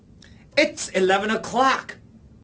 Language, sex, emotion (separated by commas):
English, male, angry